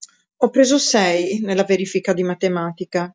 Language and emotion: Italian, neutral